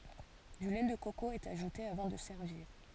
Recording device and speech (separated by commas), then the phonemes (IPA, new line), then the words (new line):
forehead accelerometer, read sentence
dy lɛ də koko ɛt aʒute avɑ̃ də sɛʁviʁ
Du lait de coco est ajouté avant de servir.